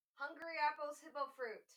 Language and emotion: English, fearful